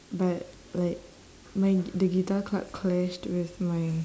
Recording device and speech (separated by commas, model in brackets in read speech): standing microphone, conversation in separate rooms